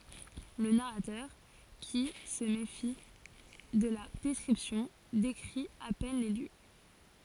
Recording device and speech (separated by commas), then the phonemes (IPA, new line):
forehead accelerometer, read sentence
lə naʁatœʁ ki sə mefi də la dɛskʁipsjɔ̃ dekʁi a pɛn le ljø